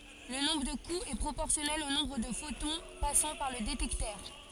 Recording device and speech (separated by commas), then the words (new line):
forehead accelerometer, read sentence
Le nombre de coups est proportionnel au nombre de photons passant par le détecteur.